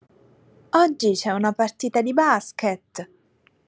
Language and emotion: Italian, happy